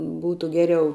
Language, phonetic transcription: Lithuanian, ˈbūtu ˈgeriau

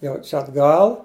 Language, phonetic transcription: Lithuanian, ˈjau ˈčia atˈgal

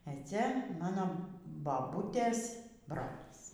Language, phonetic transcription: Lithuanian, ė ˈcia ˈmano baˈbūtės ˈbrolys

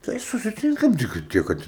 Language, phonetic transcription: Lithuanian, ˈtai susiˈtinkam ˈtik kad ˈtiek kad

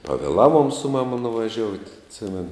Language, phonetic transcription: Lithuanian, pavėˈlaˌvuom su ˈmama nuvaˈžiout' atˈsimenu

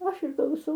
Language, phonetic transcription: Lithuanian, o ˈaš ir klauˈsau

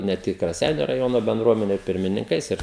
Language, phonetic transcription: Lithuanian, ne ˈtik raˈseiniu raˈjono benˈdruomeniu ir pirmininˈkais ˈir

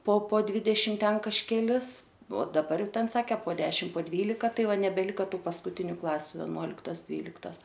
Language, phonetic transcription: Lithuanian, po po ˈdvidešim ˈten kažkeˈlis o daˈbar ˈjau ˈten ˈsake po ˈdešim po ˈdvylika ˈtai ˈva nebeˈlika ˈtų paskuˈtiniu ˈklasiu veˈnuoliktos ˈdvyliktos

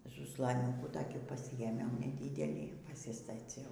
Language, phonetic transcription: Lithuanian, zuslaˈniūkų toˈkį paˈsijėmiau neˈdidelį pasistaˈciau

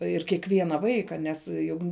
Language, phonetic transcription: Lithuanian, ir kieˈkviena ˈvaika ˈnes ˈjug

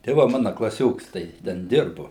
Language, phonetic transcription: Lithuanian, tai ˈva ˈmana klaˈsioks tai ˈten ˈdirbu

